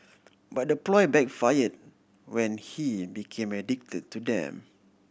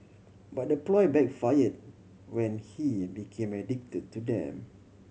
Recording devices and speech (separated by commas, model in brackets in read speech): boundary microphone (BM630), mobile phone (Samsung C7100), read sentence